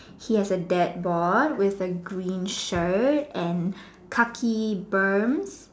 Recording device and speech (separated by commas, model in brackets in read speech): standing microphone, conversation in separate rooms